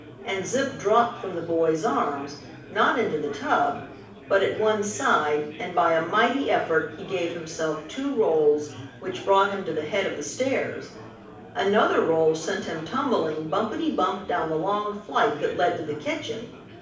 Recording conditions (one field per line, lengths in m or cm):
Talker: one person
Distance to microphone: 5.8 m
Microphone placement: far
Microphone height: 1.8 m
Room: medium-sized (5.7 m by 4.0 m)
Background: babble